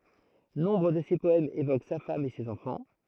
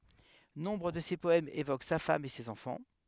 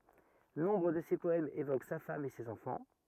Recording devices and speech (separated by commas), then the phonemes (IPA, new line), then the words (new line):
throat microphone, headset microphone, rigid in-ear microphone, read sentence
nɔ̃bʁ də se pɔɛmz evok sa fam e sez ɑ̃fɑ̃
Nombre de ses poèmes évoquent sa femme et ses enfants.